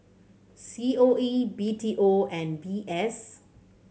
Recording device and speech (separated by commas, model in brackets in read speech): mobile phone (Samsung C7100), read sentence